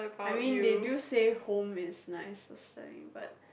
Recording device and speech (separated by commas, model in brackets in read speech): boundary microphone, conversation in the same room